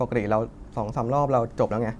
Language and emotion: Thai, frustrated